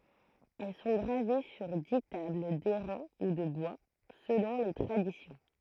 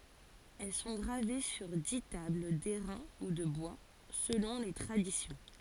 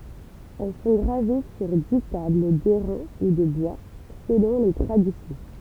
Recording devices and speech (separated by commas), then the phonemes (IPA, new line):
throat microphone, forehead accelerometer, temple vibration pickup, read sentence
ɛl sɔ̃ ɡʁave syʁ di tabl dɛʁɛ̃ u də bwa səlɔ̃ le tʁadisjɔ̃